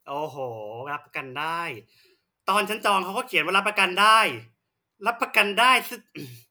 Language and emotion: Thai, angry